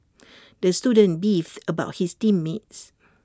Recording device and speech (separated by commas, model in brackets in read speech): standing microphone (AKG C214), read sentence